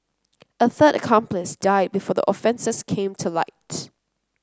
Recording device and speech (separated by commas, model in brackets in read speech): close-talking microphone (WH30), read sentence